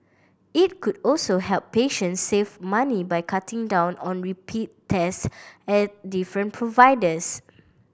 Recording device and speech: boundary microphone (BM630), read sentence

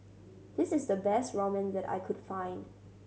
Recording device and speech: mobile phone (Samsung C7100), read sentence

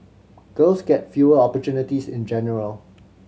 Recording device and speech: mobile phone (Samsung C7100), read sentence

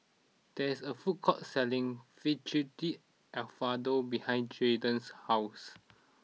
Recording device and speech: mobile phone (iPhone 6), read sentence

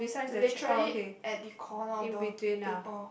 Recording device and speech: boundary microphone, conversation in the same room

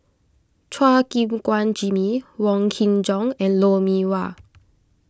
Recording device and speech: close-talking microphone (WH20), read sentence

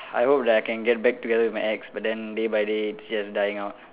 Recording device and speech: telephone, conversation in separate rooms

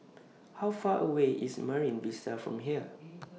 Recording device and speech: mobile phone (iPhone 6), read sentence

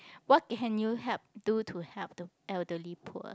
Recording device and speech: close-talking microphone, conversation in the same room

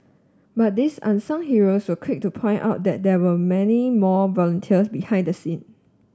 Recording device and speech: standing microphone (AKG C214), read sentence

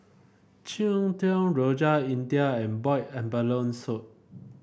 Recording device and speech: boundary microphone (BM630), read sentence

